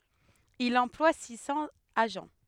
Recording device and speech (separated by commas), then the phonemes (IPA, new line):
headset microphone, read sentence
il ɑ̃plwa si sɑ̃z aʒɑ̃